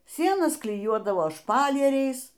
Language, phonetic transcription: Lithuanian, ˈsienas kliˈjuodavo ˈšpalieriais

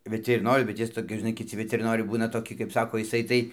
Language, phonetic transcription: Lithuanian, vitiriˈnoriu bet ˈjis toˈkis žiˈnai kiˈci vitiriˈnoriai ˈbūna toˈki kaip ˈsako iˈsai tai

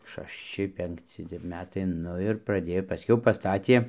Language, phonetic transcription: Lithuanian, šašˈči penkˈci tep ˈmetai ˈnu ir praˈdėjo paˈskiau paˈstatie

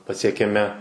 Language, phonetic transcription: Lithuanian, pasiekiaˈmi

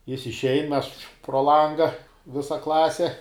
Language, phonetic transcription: Lithuanian, ˈjis išˈein ˈmes pro ˈlanga ˈvisa ˈklasi

